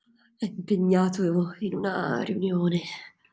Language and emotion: Italian, fearful